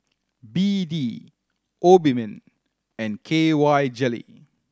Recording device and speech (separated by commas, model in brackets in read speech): standing microphone (AKG C214), read sentence